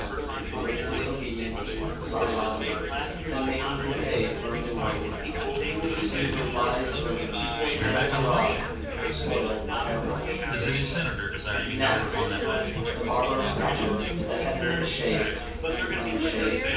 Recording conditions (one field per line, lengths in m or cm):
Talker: one person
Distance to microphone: 9.8 m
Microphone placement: far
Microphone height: 1.8 m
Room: large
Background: babble